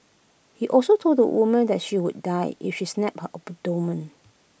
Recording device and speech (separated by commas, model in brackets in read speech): boundary microphone (BM630), read sentence